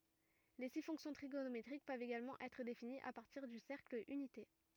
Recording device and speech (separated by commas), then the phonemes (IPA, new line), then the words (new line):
rigid in-ear microphone, read sentence
le si fɔ̃ksjɔ̃ tʁiɡonometʁik pøvt eɡalmɑ̃ ɛtʁ definiz a paʁtiʁ dy sɛʁkl ynite
Les six fonctions trigonométriques peuvent également être définies à partir du cercle unité.